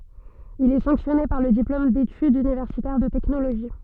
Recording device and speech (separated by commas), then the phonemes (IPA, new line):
soft in-ear microphone, read sentence
il ɛ sɑ̃ksjɔne paʁ lə diplom detydz ynivɛʁsitɛʁ də tɛknoloʒi